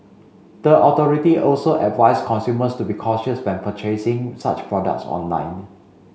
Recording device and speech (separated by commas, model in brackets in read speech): mobile phone (Samsung C5), read sentence